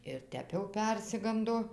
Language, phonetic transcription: Lithuanian, ir ˈtep jau ˈpersigando

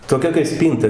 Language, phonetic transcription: Lithuanian, toˈkia kai ˈspynta

